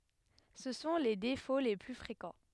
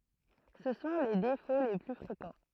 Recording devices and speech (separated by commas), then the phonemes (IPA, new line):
headset microphone, throat microphone, read sentence
sə sɔ̃ le defo le ply fʁekɑ̃